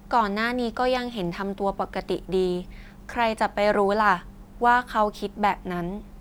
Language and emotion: Thai, neutral